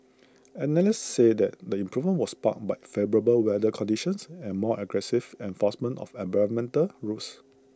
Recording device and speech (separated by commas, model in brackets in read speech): close-talking microphone (WH20), read sentence